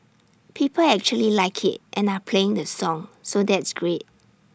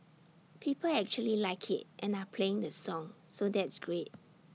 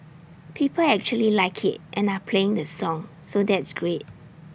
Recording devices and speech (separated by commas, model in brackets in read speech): standing microphone (AKG C214), mobile phone (iPhone 6), boundary microphone (BM630), read sentence